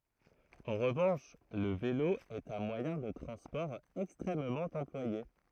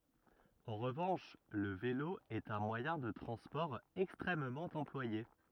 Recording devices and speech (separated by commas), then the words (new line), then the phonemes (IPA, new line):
throat microphone, rigid in-ear microphone, read sentence
En revanche, le vélo est un moyen de transport extrêmement employé.
ɑ̃ ʁəvɑ̃ʃ lə velo ɛt œ̃ mwajɛ̃ də tʁɑ̃spɔʁ ɛkstʁɛmmɑ̃ ɑ̃plwaje